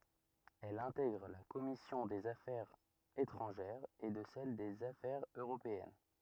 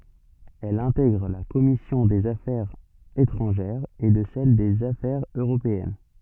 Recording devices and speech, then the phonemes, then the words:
rigid in-ear microphone, soft in-ear microphone, read sentence
ɛl ɛ̃tɛɡʁ la kɔmisjɔ̃ dez afɛʁz etʁɑ̃ʒɛʁz e də sɛl dez afɛʁz øʁopeɛn
Elle intègre la commission des Affaires étrangères et de celle des Affaires européennes.

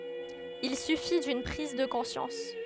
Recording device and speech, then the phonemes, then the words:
headset microphone, read sentence
il syfi dyn pʁiz də kɔ̃sjɑ̃s
Il suffit d'une prise de conscience.

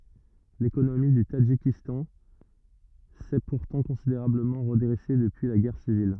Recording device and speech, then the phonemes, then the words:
rigid in-ear microphone, read sentence
lekonomi dy tadʒikistɑ̃ sɛ puʁtɑ̃ kɔ̃sideʁabləmɑ̃ ʁədʁɛse dəpyi la ɡɛʁ sivil
L'économie du Tadjikistan s'est pourtant considérablement redressée depuis la guerre civile.

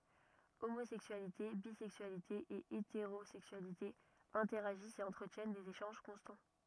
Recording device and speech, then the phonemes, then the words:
rigid in-ear microphone, read sentence
omozɛksyalite bizɛksyalite e eteʁozɛksyalite ɛ̃tɛʁaʒist e ɑ̃tʁətjɛn dez eʃɑ̃ʒ kɔ̃stɑ̃
Homosexualité, bisexualité et hétérosexualité interagissent et entretiennent des échanges constants.

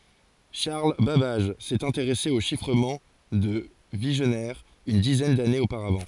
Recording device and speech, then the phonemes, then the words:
forehead accelerometer, read sentence
ʃaʁl babaʒ sɛt ɛ̃teʁɛse o ʃifʁəmɑ̃ də viʒnɛʁ yn dizɛn danez opaʁavɑ̃
Charles Babbage s'est intéressé au chiffrement de Vigenère une dizaine d'années auparavant.

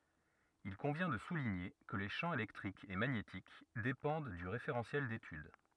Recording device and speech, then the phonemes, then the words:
rigid in-ear microphone, read sentence
il kɔ̃vjɛ̃ də suliɲe kə le ʃɑ̃ elɛktʁik e maɲetik depɑ̃d dy ʁefeʁɑ̃sjɛl detyd
Il convient de souligner que les champs électrique et magnétique dépendent du référentiel d'étude.

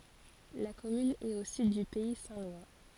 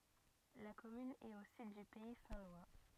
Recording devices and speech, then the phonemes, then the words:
forehead accelerometer, rigid in-ear microphone, read sentence
la kɔmyn ɛt o syd dy pɛi sɛ̃ lwa
La commune est au sud du pays saint-lois.

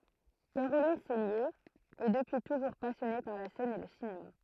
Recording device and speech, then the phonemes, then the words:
throat microphone, read sentence
kaʁolin sɛlje ɛ dəpyi tuʒuʁ pasjɔne paʁ la sɛn e lə sinema
Caroline Cellier est depuis toujours passionnée par la scène et le cinéma.

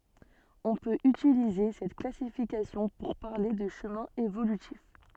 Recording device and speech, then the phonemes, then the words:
soft in-ear microphone, read sentence
ɔ̃ pøt ytilize sɛt klasifikasjɔ̃ puʁ paʁle də ʃəmɛ̃z evolytif
On peut utiliser cette classification pour parler de chemins évolutifs.

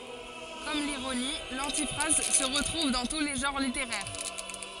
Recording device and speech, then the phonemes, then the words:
forehead accelerometer, read sentence
kɔm liʁoni lɑ̃tifʁaz sə ʁətʁuv dɑ̃ tu le ʒɑ̃ʁ liteʁɛʁ
Comme l'ironie, l'antiphrase se retrouve dans tous les genres littéraires.

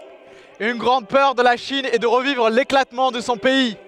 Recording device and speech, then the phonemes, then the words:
headset microphone, read sentence
yn ɡʁɑ̃d pœʁ də la ʃin ɛ də ʁəvivʁ leklatmɑ̃ də sɔ̃ pɛi
Une grande peur de la Chine est de revivre l'éclatement de son pays.

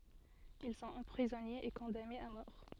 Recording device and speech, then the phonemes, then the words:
soft in-ear microphone, read sentence
il sɔ̃t ɑ̃pʁizɔnez e kɔ̃danez a mɔʁ
Ils sont emprisonnés et condamnés à mort.

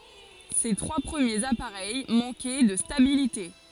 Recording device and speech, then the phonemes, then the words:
forehead accelerometer, read sentence
se tʁwa pʁəmjez apaʁɛj mɑ̃kɛ də stabilite
Ses trois premiers appareils manquaient de stabilité.

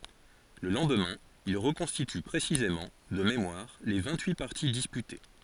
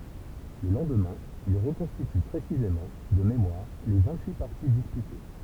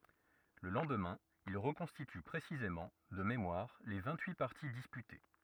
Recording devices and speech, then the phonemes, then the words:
forehead accelerometer, temple vibration pickup, rigid in-ear microphone, read sentence
lə lɑ̃dmɛ̃ il ʁəkɔ̃stity pʁesizemɑ̃ də memwaʁ le vɛ̃t yi paʁti dispyte
Le lendemain, il reconstitue précisément, de mémoire, les vingt-huit parties disputées.

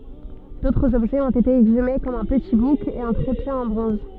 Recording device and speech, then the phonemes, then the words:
soft in-ear microphone, read sentence
dotʁz ɔbʒɛz ɔ̃t ete ɛɡzyme kɔm œ̃ pəti buk e œ̃ tʁepje ɑ̃ bʁɔ̃z
D'autres objets ont été exhumés comme un petit bouc et un trépied en bronze.

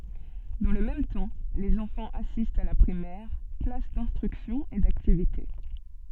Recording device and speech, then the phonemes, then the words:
soft in-ear microphone, read sentence
dɑ̃ lə mɛm tɑ̃ lez ɑ̃fɑ̃z asistt a la pʁimɛʁ klas dɛ̃stʁyksjɔ̃ e daktivite
Dans le même temps, les enfants assistent à la Primaire, classes d'instruction et d'activités.

